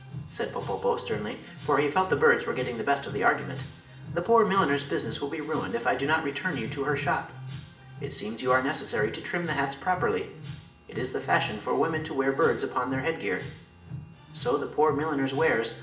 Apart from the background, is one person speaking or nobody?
One person.